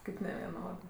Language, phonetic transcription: Lithuanian, ˈkaip neveˈnodɜ

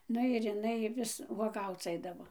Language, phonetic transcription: Lithuanian, ˈnu ir iˈnai ˈvis vuoˈgauc ˈaidavo

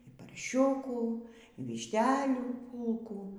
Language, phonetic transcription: Lithuanian, y parˈšiukų y višˈtelių ˈpūlkų

